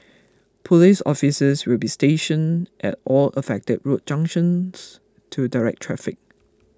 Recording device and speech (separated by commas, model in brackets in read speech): close-talking microphone (WH20), read sentence